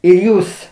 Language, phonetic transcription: Lithuanian, ir ˈjūs

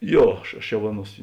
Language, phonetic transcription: Lithuanian, ˈjo ˈaš aš jau ˈaˌnuos

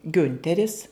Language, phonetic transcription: Lithuanian, ˈgiunteris

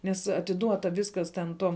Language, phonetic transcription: Lithuanian, nes atiˈduota ˈviskas ten ˈtom

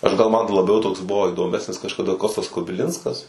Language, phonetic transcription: Lithuanian, ˈaš gal ˈman laˈbiau ˈtoks ˈbuvo idoˈmesnis kažkaˈda ˈkostas kubiˈlinskas

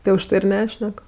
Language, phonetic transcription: Lithuanian, tai užˈtai ir ˈnešnek

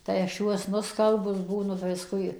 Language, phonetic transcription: Lithuanian, tai aš ˈjuos nuˈskalbus ˈbūnu ˈvisku i

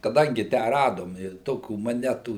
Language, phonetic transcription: Lithuanian, kaˈdangi ˈtę ˈradom i ˈtokių moˈnetų

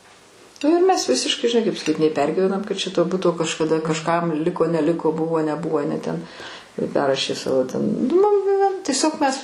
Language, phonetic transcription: Lithuanian, nu ir ˈmes ˈvisiškai žiˈnai kaip saˈkyt nei ˈpergyvenam kad čia to ˈbuto kažkaˈda kažˈkam ˈliko neˈliko ˈbuvo neˈbuvo aˈne ten ˈperrašė ˈsavo ten nu mum tieˈsiog mes

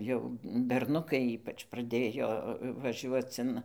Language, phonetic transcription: Lithuanian, jau berˈnukai ˈypač praˈdėjo vaˈžiuoc in

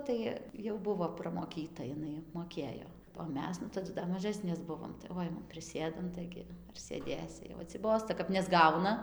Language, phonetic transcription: Lithuanian, ˈtai jau ˈbuvo pramoˈkyta jiˈnai moˈkėjo o ˈmes nu taˈdu dar maˈžasnės ˈbuvom tai va ˈainam priˈsėdam ˈtaigi ar sėˈdėsi jau atsiˈbosta kap nesˈgauna

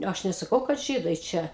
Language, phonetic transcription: Lithuanian, ˈaš nesaˈkau kad ˈžydai ˈčia

